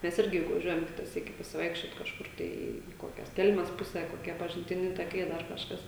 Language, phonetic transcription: Lithuanian, ˈmes ˈirgi juk vaˈžiuojam ˈkita ˈsyki pasiˈvaikščiot kažˈkur ˈtai į ˈkokias ˈkelmes ˈpusę koˈkie pažintiˈni taˈkai ˈdar kažˈkas

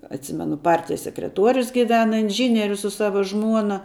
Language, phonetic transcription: Lithuanian, atˈsimenu ˈpartijas sekreˈtuorius giˈvena inˈžynierius su ˈsava ˈžmuona

